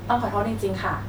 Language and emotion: Thai, neutral